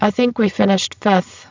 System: VC, spectral filtering